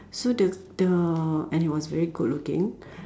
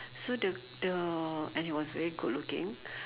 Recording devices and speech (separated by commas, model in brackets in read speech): standing microphone, telephone, conversation in separate rooms